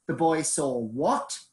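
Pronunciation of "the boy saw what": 'The boy saw what' is said as a question with a little bit of rising intonation.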